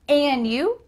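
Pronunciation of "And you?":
In 'And you?', the d in 'and' is dropped, so 'and' sounds like 'an'.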